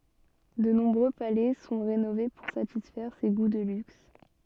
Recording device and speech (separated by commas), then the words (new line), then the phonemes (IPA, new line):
soft in-ear microphone, read sentence
De nombreux palais sont rénovés pour satisfaire ses goûts de luxe.
də nɔ̃bʁø palɛ sɔ̃ ʁenove puʁ satisfɛʁ se ɡu də lyks